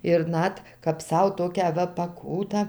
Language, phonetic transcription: Lithuanian, ir ˈnat kap ˈsau ˈtokią ˈva paˈkūtą

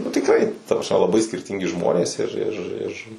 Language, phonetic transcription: Lithuanian, nu tikˈrai ˈta prasˈme laˈbai skirˈtingi ˈžmonės ir ˈir ir

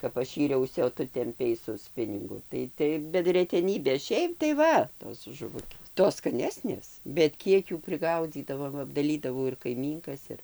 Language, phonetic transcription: Lithuanian, kap ˈaš ˈyriausi o ˈtu temˈpei su ˈspiningu tai ˈtai bet reteˈnybė ˈšiaip tai ˈva tos žuˈvukės ˈtos skaˈnesnės bet ˈkiek ˈjų priˈgaudzydavo ˈva apdaˈlydavau ir kaiˈmynkas ˈir

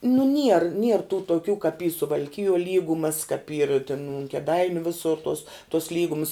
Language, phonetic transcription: Lithuanian, nu nier nier tų toˈkių kap y suvalˈkijuo ˈlygumas kap yr tin un keˈdainiu ˈvisur tos tos ˈlygums

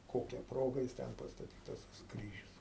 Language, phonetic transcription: Lithuanian, ˈkokia ˈproga jis ˈten pastaˈtytas tas ˈkryžius

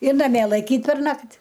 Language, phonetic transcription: Lithuanian, ir naˈmie laiˈkyt perˈnakt

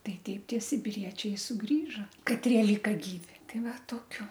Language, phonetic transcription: Lithuanian, ˈtai ˈteip ˈtie sibiˈriečiai suˈgrįžo kaˈtrie ˈlyka ˈgyvi ˈtai ˈva tokiu

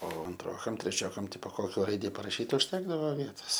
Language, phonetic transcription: Lithuanian, o anˈtrokam treˈčiokam ˈtipo ˈkokio ˈraidi paraˈšyt užˈtekdavo ˈvietos

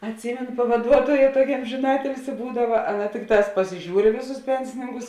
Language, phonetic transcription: Lithuanian, atˈsymenu pavaˈduotoja ˈtuokia ˈamžina ˈatilsi ˈbūdava ˈaˌna ˈtikˌtās pasiˈžiūr i ˈvėˌsus ˈpensininkus

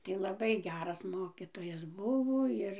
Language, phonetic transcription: Lithuanian, ˈtai laˈbai ˈgeras ˈmokitojas ˈbuvo ˈir

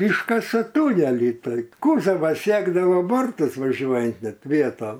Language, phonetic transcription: Lithuanian, ˈyškasa ˈtūnelį ˈtaip ˈkūzavas ˈsiekdavo ˈbortus vaˈžiuojant ˈnet ˈvietom

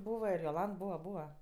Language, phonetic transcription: Lithuanian, ˈbūva ir joˈlant ˈbūva ˈbūva

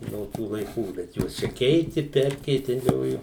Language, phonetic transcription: Lithuanian, no ˈtų laiˈkų bet ˈjuos čia ˈkeiti ˈperkeitelioju

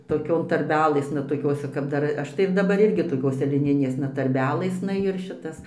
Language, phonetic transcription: Lithuanian, toˈkion tarˈbelɘsna toˈkiose kap ˈdar ˈaš tai ir daˈbar ˈirgi toˈkiose liˈninėsna tarˈbelɘsna ir ˈšitas

